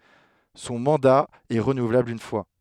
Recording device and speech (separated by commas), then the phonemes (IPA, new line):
headset microphone, read sentence
sɔ̃ mɑ̃da ɛ ʁənuvlabl yn fwa